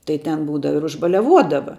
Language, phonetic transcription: Lithuanian, tai ten ˈbūdava ir užbaliaˈvuodava

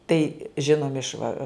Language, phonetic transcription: Lithuanian, tai ˈžinomi iš va

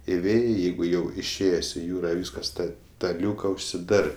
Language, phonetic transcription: Lithuanian, iˈvėjai ˈjeigu ˈjau išˈėjės' i ˈjūra ˈvyskas ˈta ta ˈliūka užsiˈdarɜ

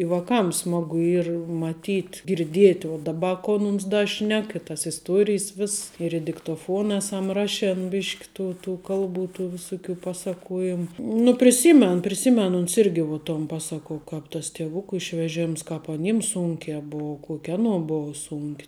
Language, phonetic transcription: Lithuanian, i vaˈkam ˈsmagu ˈyr maˈtyt' girˈdiet' uo daˈba ˈko ˈmums da ˈšnek i tas isˈtuorijs ˈviss ir i diktoˈfuon ˈesam ˈrašen ˈbišk' ˈtų ˈtų ˈkalˌbų tų viˈsuˌkių ˈpaˌsakuojim nu priˈsymen priˈsymen uns ˈirgi vuo ton ˈpasako ˈkāp tas tieˈvuku išveˈžems kāp aˈnyms ˈsūnkē ˈbuo ˈkuok' ˈanuo buo ˈsūnk'

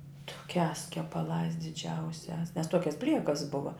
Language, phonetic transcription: Lithuanian, tuˈkiās kepaˈlās diˈdžiausiās nes ˈtuokias ˈbliekas ˈbuva

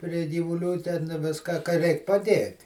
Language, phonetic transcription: Lithuanian, pri gyvuˈlių ten ˈviska ka ˈreik paˈdėt'

